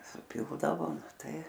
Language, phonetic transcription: Lithuanian, suˈpildavo ˈtai

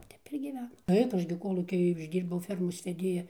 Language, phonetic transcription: Lithuanian, ˈtep ir gyˈvenam ˈtaip ˈaš gi ˈkolūky išˈdyrbau ˈfermos veˈdėja

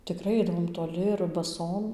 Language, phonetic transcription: Lithuanian, tiˈkrai ˈaidavom toˈli ir baˈsom

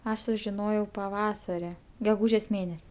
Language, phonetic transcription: Lithuanian, ˈaš sužiˈnojau paˈvasari geˈgūžės ˈmėnes'

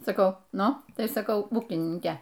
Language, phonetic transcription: Lithuanian, saˈkau ˈnu ˈtai saˈkau ˈūkininke

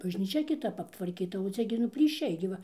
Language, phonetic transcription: Lithuanian, bažnyˈčia kiˈtap aptvarˈkyta o ˈcia gi nu plyˈšiai gi ˈva

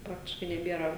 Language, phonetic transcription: Lithuanian, ˈpraktiškai neˈbėra

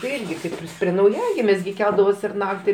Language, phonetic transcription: Lithuanian, tai ˈirgi ˈkaip ir prie nauˈjagimės gi ˈkeldavosi ir ˈnakti

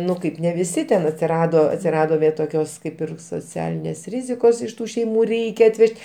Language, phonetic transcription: Lithuanian, ˈnu ˈkaip ne viˈsi ten atsiˈrado atsiˈrado vė toˈkios ˈkaip ir soˈcialinės ˈrizikos iš ˈtų šeiˈmų ˈreikia atˈvež't'

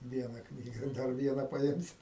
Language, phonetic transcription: Lithuanian, ˈviena ˈknyga ˈdar ˈviena paˈimsi

